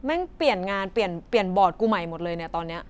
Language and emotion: Thai, frustrated